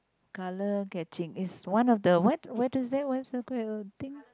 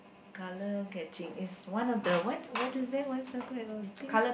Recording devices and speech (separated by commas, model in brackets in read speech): close-talking microphone, boundary microphone, conversation in the same room